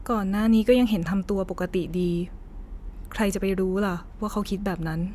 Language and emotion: Thai, neutral